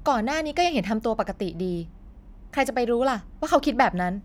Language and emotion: Thai, frustrated